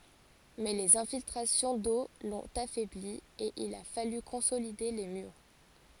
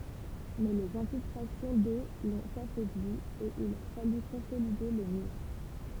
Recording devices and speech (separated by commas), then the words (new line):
forehead accelerometer, temple vibration pickup, read sentence
Mais les infiltrations d'eau l'ont affaiblie et il a fallu consolider les murs.